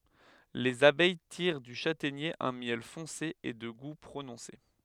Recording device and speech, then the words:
headset microphone, read sentence
Les abeilles tirent du châtaignier un miel foncé et de goût prononcé.

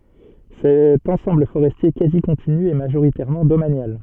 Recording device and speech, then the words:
soft in-ear microphone, read sentence
Cet ensemble forestier quasi continu est majoritairement domanial.

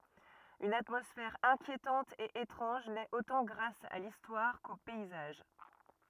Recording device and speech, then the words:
rigid in-ear microphone, read sentence
Une atmosphère inquiétante et étrange naît autant grâce à l'histoire qu'aux paysages.

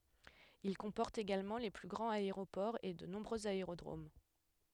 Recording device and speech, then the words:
headset microphone, read sentence
Il comporte également les plus grands aéroports et de nombreux aérodromes.

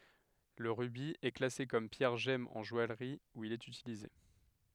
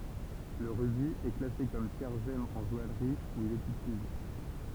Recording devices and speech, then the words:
headset microphone, temple vibration pickup, read sentence
Le rubis est classé comme pierre gemme en joaillerie, où il est utilisé.

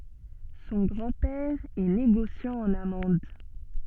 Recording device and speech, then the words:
soft in-ear microphone, read sentence
Son grand-père est négociant en amandes.

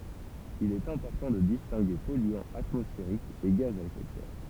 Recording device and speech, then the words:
temple vibration pickup, read sentence
Il est important de distinguer polluants atmosphériques et gaz à effet de serre.

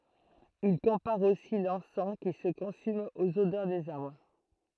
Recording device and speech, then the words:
throat microphone, read sentence
Il compare aussi l'encens qui se consume aux odeurs des arbres.

